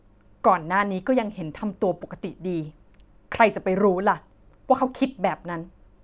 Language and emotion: Thai, frustrated